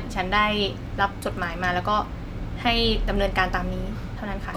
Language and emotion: Thai, frustrated